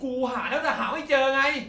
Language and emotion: Thai, angry